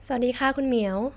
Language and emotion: Thai, neutral